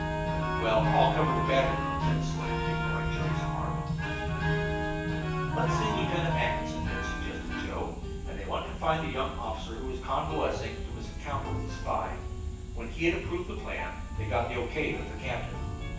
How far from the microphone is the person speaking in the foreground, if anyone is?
9.8 m.